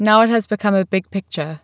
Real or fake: real